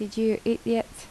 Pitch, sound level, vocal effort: 225 Hz, 75 dB SPL, soft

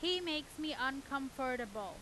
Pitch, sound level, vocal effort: 275 Hz, 95 dB SPL, very loud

